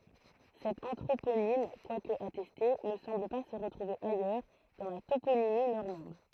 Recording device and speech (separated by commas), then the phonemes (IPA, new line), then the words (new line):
throat microphone, read sentence
sɛt ɑ̃tʁoponim kwak atɛste nə sɑ̃bl pa sə ʁətʁuve ajœʁ dɑ̃ la toponimi nɔʁmɑ̃d
Cet anthroponyme, quoique attesté, ne semble pas se retrouver ailleurs dans la toponymie normande.